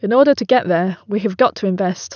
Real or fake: real